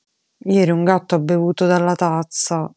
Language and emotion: Italian, sad